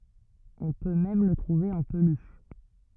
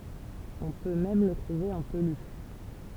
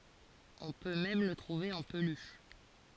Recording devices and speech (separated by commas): rigid in-ear microphone, temple vibration pickup, forehead accelerometer, read sentence